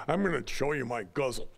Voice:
gruffly